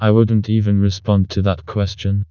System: TTS, vocoder